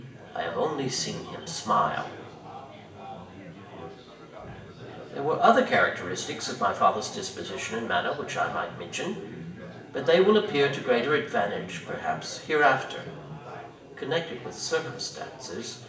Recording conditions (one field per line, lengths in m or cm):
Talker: one person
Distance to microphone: 1.8 m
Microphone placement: close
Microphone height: 1.0 m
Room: large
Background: babble